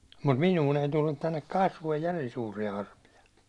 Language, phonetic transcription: Finnish, mut "minuun ‿ei tullut tännek 'kasvoij "järin suurija arpija .
- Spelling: mutta minuun ei tullut tänne kasvoihin järin suuria arpia

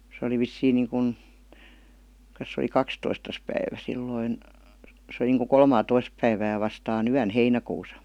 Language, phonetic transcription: Finnish, se oli 'vissiiŋ 'niiŋkun , ks se oli "kakstoistas päivä 'silloin , se oli niiŋku "kolmaatois päivää vastaa"n ‿yän 'heinäkuusa .
- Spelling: se oli vissiin niin kuin - se oli kahdestoista päivä silloin se oli niin kuin kolmattatoista päivää vastaan vastaan yönä heinäkuussa

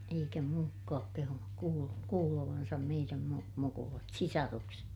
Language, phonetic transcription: Finnish, eikä muukkaak kehunuk kuul- , kuulovansam meiräm mu- , mukulat , sisarukset .
- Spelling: eikä muutkaan kehunut - kuulevansa meidän - mukulat sisarukset

